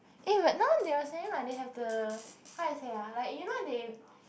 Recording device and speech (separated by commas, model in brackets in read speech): boundary microphone, conversation in the same room